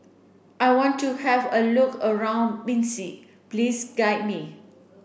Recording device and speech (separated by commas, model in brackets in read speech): boundary microphone (BM630), read sentence